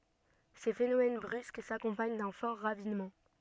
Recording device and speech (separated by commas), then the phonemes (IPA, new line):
soft in-ear microphone, read sentence
se fenomɛn bʁysk sakɔ̃paɲ dœ̃ fɔʁ ʁavinmɑ̃